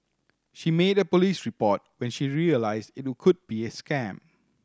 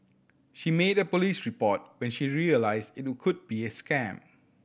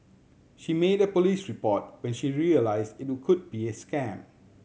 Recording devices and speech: standing microphone (AKG C214), boundary microphone (BM630), mobile phone (Samsung C7100), read sentence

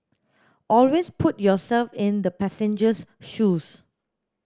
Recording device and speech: standing microphone (AKG C214), read sentence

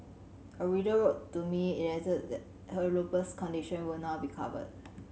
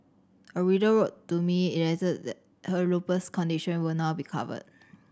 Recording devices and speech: mobile phone (Samsung C7100), standing microphone (AKG C214), read sentence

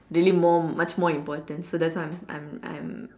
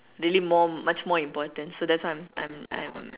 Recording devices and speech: standing microphone, telephone, conversation in separate rooms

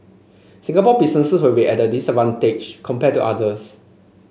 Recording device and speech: mobile phone (Samsung C5), read sentence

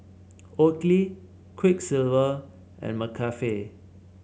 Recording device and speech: mobile phone (Samsung C7), read sentence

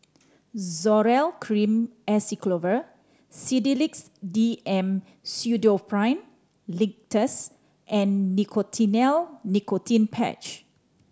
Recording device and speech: standing microphone (AKG C214), read sentence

